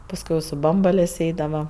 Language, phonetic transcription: Lithuanian, pasˈkui i su ˈbambalės' ˈeidava

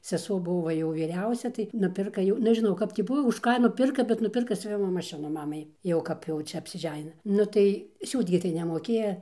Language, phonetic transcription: Lithuanian, seˈsuo ˈbuvo va ˈjau vyˈriausia tai nuˈpirka jau nežiˈnau ˈkap tį ˈbuva už ˈką nuˈpirka bet nuˈpirka siuˈvimo maˈšinu ˈmamai ˈjau ˈkap jau ˈčia apsiˈženina ˈnu tai ˈsiūt gi tai nemoˈkėja

